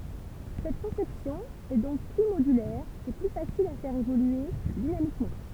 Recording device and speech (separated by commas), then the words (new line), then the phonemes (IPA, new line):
temple vibration pickup, read sentence
Cette conception est donc plus modulaire et plus facile à faire évoluer dynamiquement.
sɛt kɔ̃sɛpsjɔ̃ ɛ dɔ̃k ply modylɛʁ e ply fasil a fɛʁ evolye dinamikmɑ̃